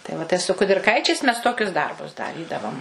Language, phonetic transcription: Lithuanian, tai ˈva tai su kudirˈkaičiais ˈmes ˈtokius ˈdarbus daˈrydavom

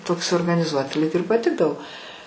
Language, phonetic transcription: Lithuanian, ˈtoks organiˈzuoti lyg ir paˈtikdavo

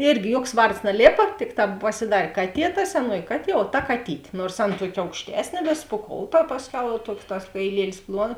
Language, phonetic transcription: Lithuanian, ˈirgi ˈjuoks ˈvards naˈlėpa ˈtikˌtā pasiˈdar' ˈkaˌtie ta seˈnuoji ˈkaˌtie o ˈta kaˈtytė ˈnors ˈan ˈtuok' aukšˈtesnė ˈvis puˈkouta pasˈkiau jau ˈtuoks tas kaiˈlielis ˈpluon

